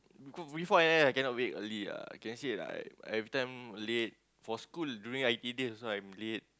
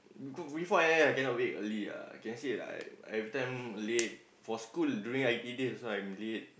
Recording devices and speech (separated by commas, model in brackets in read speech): close-talking microphone, boundary microphone, conversation in the same room